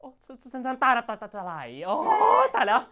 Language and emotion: Thai, happy